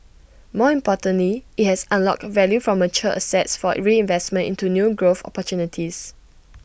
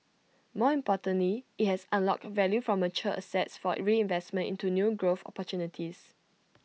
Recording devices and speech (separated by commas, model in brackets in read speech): boundary microphone (BM630), mobile phone (iPhone 6), read sentence